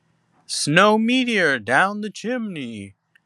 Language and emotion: English, disgusted